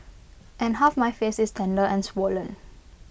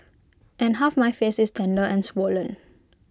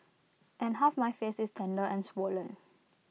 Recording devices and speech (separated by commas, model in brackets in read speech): boundary microphone (BM630), close-talking microphone (WH20), mobile phone (iPhone 6), read sentence